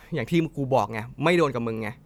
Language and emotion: Thai, frustrated